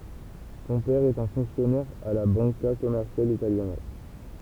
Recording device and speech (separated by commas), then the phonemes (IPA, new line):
temple vibration pickup, read sentence
sɔ̃ pɛʁ ɛt œ̃ fɔ̃ksjɔnɛʁ a la bɑ̃ka kɔmɛʁsjal italjana